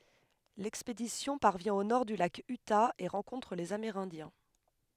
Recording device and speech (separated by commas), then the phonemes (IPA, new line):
headset microphone, read sentence
lɛkspedisjɔ̃ paʁvjɛ̃ o nɔʁ dy lak yta e ʁɑ̃kɔ̃tʁ lez ameʁɛ̃djɛ̃